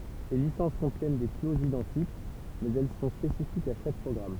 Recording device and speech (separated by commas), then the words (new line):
temple vibration pickup, read sentence
Ces licences contiennent des clauses identiques, mais elles sont spécifiques à chaque programme.